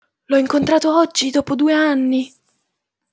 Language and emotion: Italian, surprised